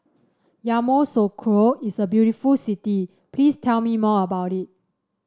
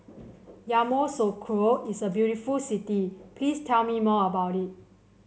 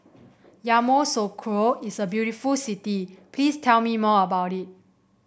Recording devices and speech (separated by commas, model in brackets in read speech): standing microphone (AKG C214), mobile phone (Samsung C7), boundary microphone (BM630), read sentence